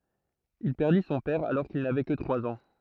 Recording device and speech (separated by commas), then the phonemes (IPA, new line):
throat microphone, read sentence
il pɛʁdi sɔ̃ pɛʁ alɔʁ kil navɛ kə tʁwaz ɑ̃